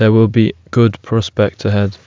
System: none